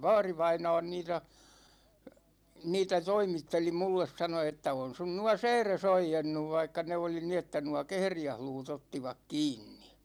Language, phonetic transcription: Finnish, 'vaarivaina̭a̭n niitä , 'niitä 'toimitteli 'mulles sano että » 'on sun nuå "sɛɛres 'oijennuv « vaikka 'ne oli ni ‿että nuå "kehrijähluu't ‿ottivak "kiinni .
- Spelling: vaarivainaani niitä niitä toimitteli minulle sanoi että on sinun nuo sääresi oiennut vaikka ne oli niin että nuo kehriäisluut ottivat kiinni

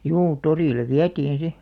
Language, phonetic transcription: Finnish, juu 'torìlev̆ "viätiin̬ 'si .
- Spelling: juu torille vietiin sitten

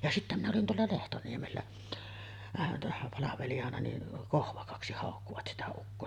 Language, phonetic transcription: Finnish, ja 'sittä minä olin teällä 'Lehtoniemellä , àevan tässä palavelijana ni , "Kohvakaksi hàokkuvat 'sitä ukkoo .
- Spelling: ja sitten minä olin täällä Lehtoniemellä aivan tässä palvelijana niin Kohvakaksi haukkuivat sitä ukkoa

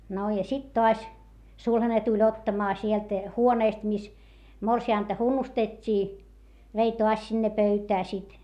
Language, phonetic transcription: Finnish, no ja sit toas , sulhane tuĺ ottamaa sielt , huonèst mis , morsi₍ànta hunnustet́t́ii , vei toas sinne pöytää sit .
- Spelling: no ja sitten taas sulhanen tuli ottamaan sieltä huoneesta missä morsianta hunnustettiin vei taas sinne pöytään sitten

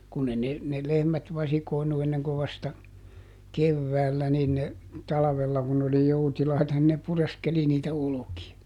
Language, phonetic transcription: Finnish, kunn ‿e ne , ne ˈlehmät "vasikòi̮nu ˈenneŋko vasta , "kevväällä nin ne , "talavella kun n ‿oli ˈjoutilaita nin ne ˈpureskeli niitä ˈoloki₍a .
- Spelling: kun ei ne ne lehmät vasikoinut ennen kuin vasta keväällä niin ne talvella kun ne oli joutilaita niin ne pureskeli niitä olkia

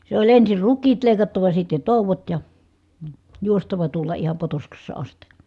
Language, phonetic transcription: Finnish, se oĺ ensir ruk̆kiit lèi̮kattava sitte tòuvot ja , juostava tuolla iham Potoskassa asti .
- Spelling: se oli ensin rukiit leikattava sitten touot ja juostava tuolla ihan Potoskassa asti

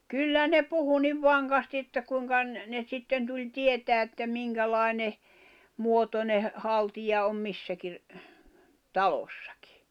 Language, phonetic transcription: Finnish, kyllä ne 'puhu 'niv "vaŋkasti että 'kuiŋka ‿n- , ne 'sitten tuĺ "tietää että 'miŋkälái̬ne , 'muotone , 'haltija om 'missäki , "talossᴀkɪ .
- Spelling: kyllä ne puhui niin vankasti että kuinka - ne sitten tuli tietämään että minkälainen muotoinen haltia on missäkin talossakin

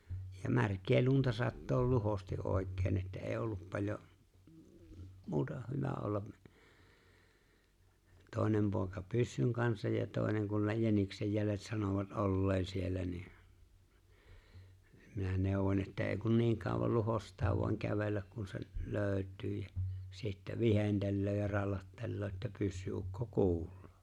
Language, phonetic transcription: Finnish, ja "märk̀ee 'lunta sattool 'luhosti '’òek̆keen että ei'j ‿ollup paĺjo , 'muuta , 'hyvä olla , 'tòenem pòeka "pyssyŋ kansaj ja 'tòeneŋ kun ne 'jäniksej 'jälet sanovat '’olleen siellä ni , minä 'nèowon että 'ee kun 'niiŋ kàowal 'luhost̀aa voaŋ 'kävelläk kun se 'lööʸt̆tyy jä , sittä , 'vihentellöö ja 'rallattelloo että 'pyssy₍ukko "ku̬ul̀ᴏᴏ .
- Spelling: ja märkää lunta sataa luhosti oikein että ei ollut paljon muuta hyvä olla toinen poika pyssyn kanssa ja toinen kun ne jäniksen jäljet sanoivat olleen siellä niin minä neuvoin että ei kun niin kauan luhostaa vain kävellä kun se löytyy jä sitten viheltelee ja rallattelee että pyssyukko kuuluu

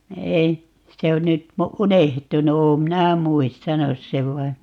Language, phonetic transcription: Finnish, 'ei , 'se on nyt , "unehtunu - 'oom 'minä "muistanus 'sev vai ,.
- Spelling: ei se on nyt unohtunut olen minä muistanut sen vain

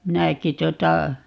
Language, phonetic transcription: Finnish, "minäki 'tuota ,.
- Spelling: minäkin tuota

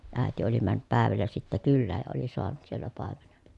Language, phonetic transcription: Finnish, ä̀eti oli männyp pä̀evällä sittä kyllääj ja oli soanut siellä pàemeneN .
- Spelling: äiti oli mennyt päivällä sitten kylään ja oli saanut siellä paimenen

